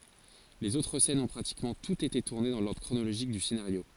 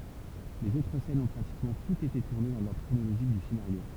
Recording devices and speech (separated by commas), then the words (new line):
forehead accelerometer, temple vibration pickup, read sentence
Les autres scènes ont pratiquement toutes été tournées dans l'ordre chronologique du scénario.